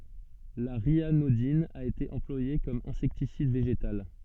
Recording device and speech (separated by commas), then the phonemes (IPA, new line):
soft in-ear microphone, read sentence
la ʁjanodin a ete ɑ̃plwaje kɔm ɛ̃sɛktisid veʒetal